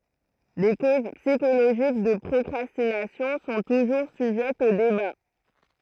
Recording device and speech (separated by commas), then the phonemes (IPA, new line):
throat microphone, read sentence
le koz psikoloʒik də pʁɔkʁastinasjɔ̃ sɔ̃ tuʒuʁ syʒɛtz o deba